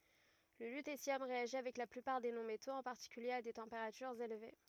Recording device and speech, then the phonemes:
rigid in-ear microphone, read sentence
lə lytesjɔm ʁeaʒi avɛk la plypaʁ de nɔ̃ metoz ɑ̃ paʁtikylje a de tɑ̃peʁatyʁz elve

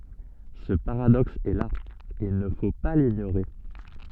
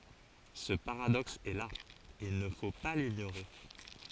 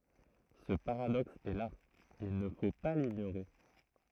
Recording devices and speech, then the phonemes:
soft in-ear microphone, forehead accelerometer, throat microphone, read sentence
sə paʁadɔks ɛ la il nə fo pa liɲoʁe

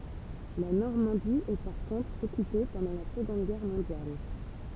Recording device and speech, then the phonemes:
temple vibration pickup, read sentence
la nɔʁmɑ̃di ɛ paʁ kɔ̃tʁ ɔkype pɑ̃dɑ̃ la səɡɔ̃d ɡɛʁ mɔ̃djal

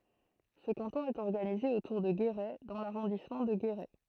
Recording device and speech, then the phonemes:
throat microphone, read sentence
sə kɑ̃tɔ̃ ɛt ɔʁɡanize otuʁ də ɡeʁɛ dɑ̃ laʁɔ̃dismɑ̃ də ɡeʁɛ

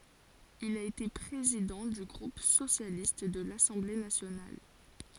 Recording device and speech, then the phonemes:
forehead accelerometer, read sentence
il a ete pʁezidɑ̃ dy ɡʁup sosjalist də lasɑ̃ble nasjonal

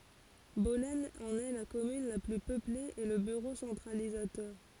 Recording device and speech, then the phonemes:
forehead accelerometer, read sentence
bɔlɛn ɑ̃n ɛ la kɔmyn la ply pøple e lə byʁo sɑ̃tʁalizatœʁ

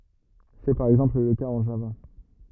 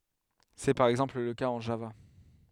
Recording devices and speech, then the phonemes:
rigid in-ear microphone, headset microphone, read sentence
sɛ paʁ ɛɡzɑ̃pl lə kaz ɑ̃ ʒava

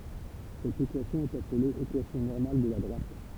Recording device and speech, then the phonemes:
temple vibration pickup, read sentence
sɛt ekwasjɔ̃ ɛt aple ekwasjɔ̃ nɔʁmal də la dʁwat

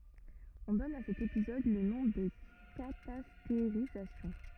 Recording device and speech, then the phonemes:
rigid in-ear microphone, read sentence
ɔ̃ dɔn a sɛt epizɔd lə nɔ̃ də katasteʁizasjɔ̃

